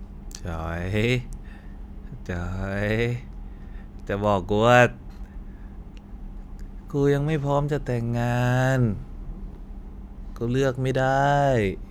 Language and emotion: Thai, frustrated